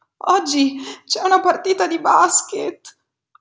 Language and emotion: Italian, fearful